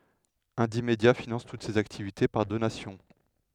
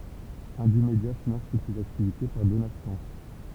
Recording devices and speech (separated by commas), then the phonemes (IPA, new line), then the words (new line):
headset microphone, temple vibration pickup, read sentence
ɛ̃dimdja finɑ̃s tut sez aktivite paʁ donasjɔ̃
Indymedia finance toutes ses activités par donations.